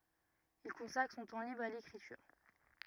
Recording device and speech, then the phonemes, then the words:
rigid in-ear microphone, read sentence
il kɔ̃sakʁ sɔ̃ tɑ̃ libʁ a lekʁityʁ
Il consacre son temps libre à l’écriture.

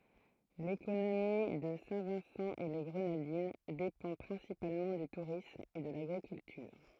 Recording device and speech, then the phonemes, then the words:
throat microphone, read sentence
lekonomi də sɛ̃ vɛ̃sɑ̃ e le ɡʁənadin depɑ̃ pʁɛ̃sipalmɑ̃ dy tuʁism e də laɡʁikyltyʁ
L'économie de Saint-Vincent-et-les-Grenadines dépend principalement du tourisme et de l'agriculture.

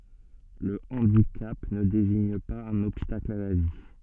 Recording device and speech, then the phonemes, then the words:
soft in-ear microphone, read sentence
lə ɑ̃dikap nə deziɲ paz œ̃n ɔbstakl a la vi
Le handicap ne désigne pas un obstacle à la vie.

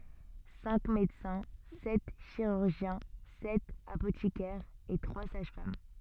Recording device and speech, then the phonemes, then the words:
soft in-ear microphone, read sentence
sɛ̃k medəsɛ̃ sɛt ʃiʁyʁʒjɛ̃ sɛt apotikɛʁz e tʁwa saʒ fam
Cinq médecins, sept chirurgiens, sept apothicaires et trois sages-femmes.

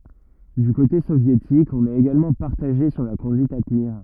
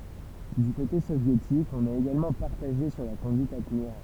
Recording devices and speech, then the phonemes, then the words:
rigid in-ear microphone, temple vibration pickup, read sentence
dy kote sovjetik ɔ̃n ɛt eɡalmɑ̃ paʁtaʒe syʁ la kɔ̃dyit a təniʁ
Du côté soviétique, on est également partagé sur la conduite à tenir.

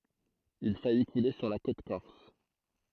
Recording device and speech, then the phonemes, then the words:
throat microphone, read sentence
il faji kule syʁ la kot kɔʁs
Il faillit couler sur la côte corse.

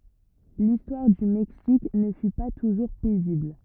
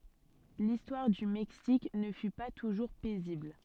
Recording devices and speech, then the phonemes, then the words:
rigid in-ear microphone, soft in-ear microphone, read sentence
listwaʁ dy mɛksik nə fy pa tuʒuʁ pɛzibl
L'histoire du Mexique ne fut pas toujours paisible.

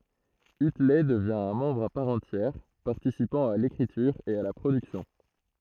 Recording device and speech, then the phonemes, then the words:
throat microphone, read sentence
ytlɛ dəvjɛ̃ œ̃ mɑ̃bʁ a paʁ ɑ̃tjɛʁ paʁtisipɑ̃ a lekʁityʁ e a la pʁodyksjɔ̃
Utley devient un membre à part entière, participant à l'écriture et à la production.

